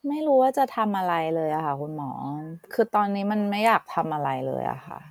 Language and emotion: Thai, frustrated